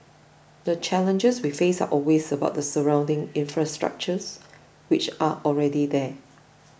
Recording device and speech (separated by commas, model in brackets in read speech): boundary microphone (BM630), read sentence